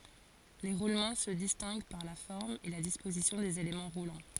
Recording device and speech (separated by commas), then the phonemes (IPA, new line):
forehead accelerometer, read sentence
le ʁulmɑ̃ sə distɛ̃ɡ paʁ la fɔʁm e la dispozisjɔ̃ dez elemɑ̃ ʁulɑ̃